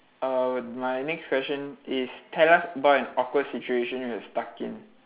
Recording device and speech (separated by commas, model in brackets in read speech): telephone, conversation in separate rooms